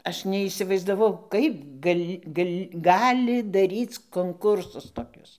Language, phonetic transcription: Lithuanian, ˈaš neįsivaizdaˈvau ˈkaip ˈgal' ˈgal' ˈgali daˈryc konˈkursus toˈkius

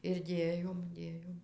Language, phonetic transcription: Lithuanian, ir ˈdėjom ˈdėjom

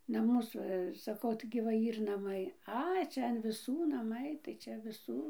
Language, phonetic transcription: Lithuanian, naˈmus ˈva saˈkau taigi va ˈyr naˈmai ˈai ˈčia an viˈsų naˈmai tai ˈčia viˈsų

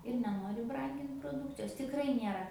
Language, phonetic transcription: Lithuanian, ir neˈnori ˈbrangint proˈdūkcijos tikˈrai ˈniera

